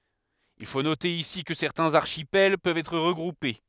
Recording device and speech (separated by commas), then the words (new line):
headset microphone, read sentence
Il faut noter ici que certains archipels peuvent être regroupés.